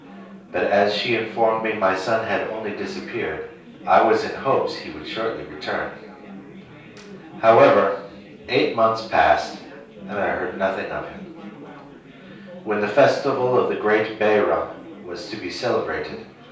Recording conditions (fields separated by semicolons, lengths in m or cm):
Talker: one person; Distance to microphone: 3.0 m; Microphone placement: far; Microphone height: 1.8 m; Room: small (3.7 m by 2.7 m); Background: babble